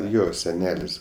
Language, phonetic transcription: Lithuanian, ˈjo seˈnelis

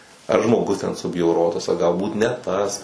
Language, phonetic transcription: Lithuanian, ar žmoˈgus ten subjauˈrotas a galˈbūt ne ˈtas

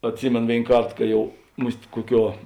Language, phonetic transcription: Lithuanian, atˈsimėn ˈvėin ˈkart ˈka ˈjau mus't' ˈkuoˌkiuo

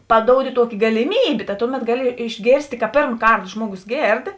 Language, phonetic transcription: Lithuanian, paˈdoudi ˈtuoki galiˈmybė ta ˈtuˌmet ˈgaˌli išˈgėrstė ka ˈpėrm ˈkart ˈžmuogus ˈgėrd

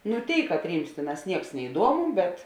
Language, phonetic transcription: Lithuanian, nu ˈtėi katˈryms ˈtėˌnās ˈnieks neiˈduomu bet

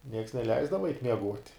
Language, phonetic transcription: Lithuanian, nieks neˈleisdava eit' mieˈguot'

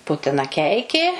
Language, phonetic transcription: Lithuanian, ˈputina ˈkeikė

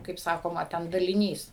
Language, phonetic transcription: Lithuanian, kaip ˈsakoma ˈten daliˈnys

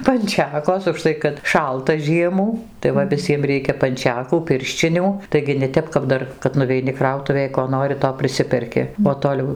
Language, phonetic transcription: Lithuanian, panˈčekos užˈtai kad ˈšalta ˈžiemų tai ˈva viˈsiem ˈreikia panˈčekų ˈpirščinių taigi ne ˈtep kap ˈdar kad nuveiˈni ˈkrautuvėj ko ˈnori to priˈsiperki o toˈliau

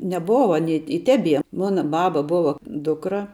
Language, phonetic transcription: Lithuanian, neˈbova aˈny i ˈtebie ˈmona ˈbaba ˈbova ˈdukra

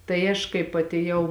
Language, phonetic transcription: Lithuanian, tai ˈaš kaip atėˈjau

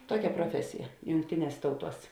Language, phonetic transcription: Lithuanian, ˈtuokia proˈfesija jungˈtiˌnies ˈtauˌtuos

